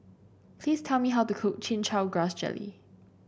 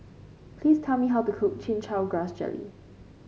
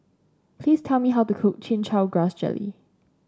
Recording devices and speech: boundary microphone (BM630), mobile phone (Samsung C5), standing microphone (AKG C214), read sentence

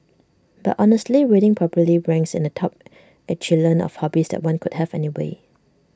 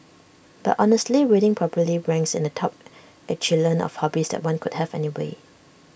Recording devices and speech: standing microphone (AKG C214), boundary microphone (BM630), read sentence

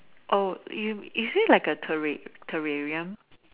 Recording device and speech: telephone, conversation in separate rooms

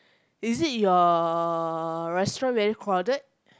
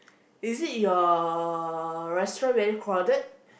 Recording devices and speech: close-talking microphone, boundary microphone, conversation in the same room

